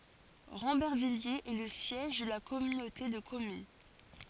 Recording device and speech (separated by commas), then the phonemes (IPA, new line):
forehead accelerometer, read sentence
ʁɑ̃bɛʁvijez ɛ lə sjɛʒ də la kɔmynote də kɔmyn